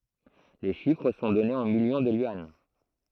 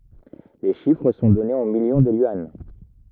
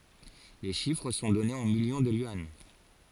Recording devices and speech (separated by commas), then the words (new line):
throat microphone, rigid in-ear microphone, forehead accelerometer, read sentence
Les chiffres sont donnés en millions de yuan.